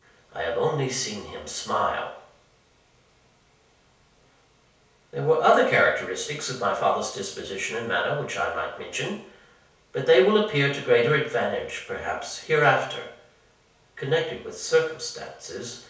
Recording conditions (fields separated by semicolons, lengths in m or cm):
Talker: one person; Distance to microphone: 3.0 m; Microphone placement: far; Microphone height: 1.8 m; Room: small (3.7 m by 2.7 m); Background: none